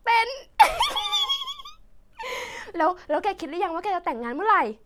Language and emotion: Thai, happy